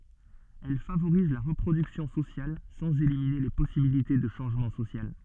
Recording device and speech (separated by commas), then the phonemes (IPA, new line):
soft in-ear microphone, read sentence
ɛl favoʁiz la ʁəpʁodyksjɔ̃ sosjal sɑ̃z elimine le pɔsibilite də ʃɑ̃ʒmɑ̃ sosjal